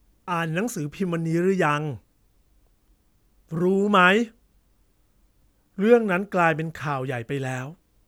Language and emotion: Thai, neutral